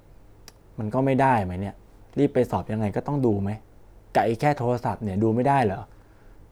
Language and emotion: Thai, frustrated